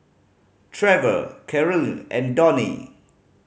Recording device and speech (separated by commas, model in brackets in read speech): mobile phone (Samsung C5010), read sentence